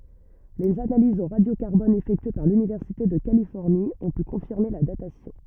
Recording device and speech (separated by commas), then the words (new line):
rigid in-ear microphone, read sentence
Les analyses au radio-carbone effectuées par l'Université de Californie ont pu confirmer la datation.